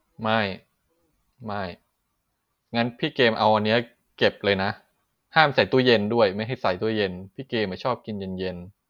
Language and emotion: Thai, frustrated